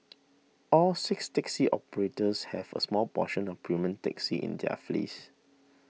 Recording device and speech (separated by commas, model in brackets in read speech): mobile phone (iPhone 6), read sentence